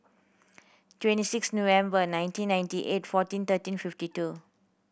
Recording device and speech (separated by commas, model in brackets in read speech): boundary microphone (BM630), read sentence